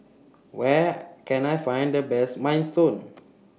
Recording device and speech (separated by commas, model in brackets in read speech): mobile phone (iPhone 6), read sentence